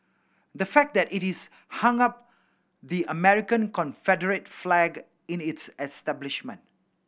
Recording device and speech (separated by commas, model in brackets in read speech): boundary microphone (BM630), read sentence